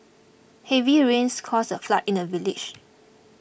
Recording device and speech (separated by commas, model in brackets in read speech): boundary microphone (BM630), read sentence